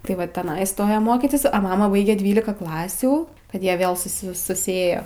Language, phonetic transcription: Lithuanian, tai ˈva teˈnai iˈstoja ˈmokitis o ˈmama ˈbaige ˈdvylika ˈklasių kad ˈjie ˈvėl suˈsi susiˈėjo

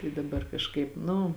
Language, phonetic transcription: Lithuanian, i daˈbar kažˈkaip ˈnu

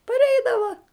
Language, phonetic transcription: Lithuanian, parˈeidava

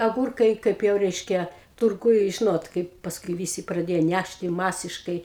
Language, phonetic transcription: Lithuanian, aˈgūrkai ˈkaip jau ˈreiškia turˈguj ˈžinot ˈkaip pasˈkui ˈvysi praˈdėjo ˈnæšti ˈmasiškai

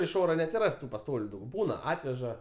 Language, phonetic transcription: Lithuanian, iš ˈora neatsiˈras tu paˈstoliu ˈdaug ˈbūna ˈatveža

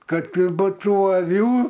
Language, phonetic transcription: Lithuanian, ˈkad būˈtų aˈvių

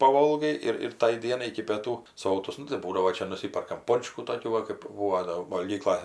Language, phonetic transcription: Lithuanian, paˈvolgai ir ir ˈtai ˈdienai iki pieˈtų ˈsotus ˈnu tai ˈbūdavo ˈčia nuˈsyperkam ˈpončkų toˈkių va kɜp ˈbūvo do valˈgykla

